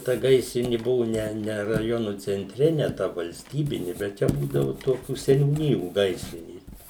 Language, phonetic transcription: Lithuanian, ta ˈgaisrini ˈbuvu ˈne ne raˈjonu cenˈtre ne ta valsˈtybini bet ˈčia ˈbūdavu ˈtokių seniūˈnijų ˈgaisrinės

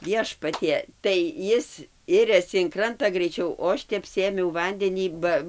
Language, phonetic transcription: Lithuanian, ˈviešpatie tai ˈjis ˈiriasi in ˈkranta greiˈčiau o ˈaš tep ˈsėmiau ˈvandenį ˈba

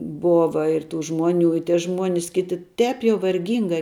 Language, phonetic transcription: Lithuanian, ˈbova ir tų ˈžmuoˌnių i tie ˈžmuonis ˈkiti ˈtēp jau varˈgyngai

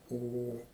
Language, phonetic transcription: Lithuanian, ˈo ˈo

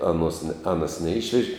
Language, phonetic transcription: Lithuanian, ˈaˌnuos ne ˈanas neˈišveži

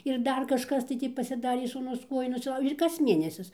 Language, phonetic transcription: Lithuanian, ir ˈdar kažˈkas tai ˈtį pasiˈdarė sūˈnus ˈkuoju nusiˈlaužė ir kas ˈmėnesis

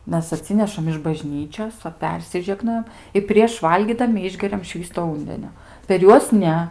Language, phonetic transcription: Lithuanian, ˈmes aˈtsinešam iš baˈžnyčios ˈva ˈpersižegnojam i prieš ˈvalgydami ˈišgeriam ˈšvįsto ˈūndenio per ˈjuos ˈne

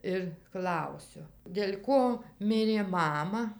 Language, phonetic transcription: Lithuanian, ir ˈklausiu dėl' ˈko ˈmirė ˈmama

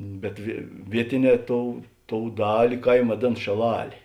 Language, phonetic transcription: Lithuanian, bet vie ˈvietiˌnē ˈtou ˈtou ˈdali ˈkaim vaˈdėn šėˈlalė

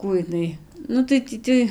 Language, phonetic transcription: Lithuanian, ˈkų iˈnai ˈnu tai ˈtį tai

